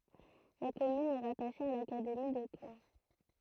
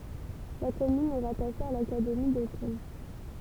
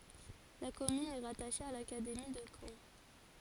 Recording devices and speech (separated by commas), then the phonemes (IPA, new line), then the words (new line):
throat microphone, temple vibration pickup, forehead accelerometer, read sentence
la kɔmyn ɛ ʁataʃe a lakademi də kɑ̃
La commune est rattachée à l’académie de Caen.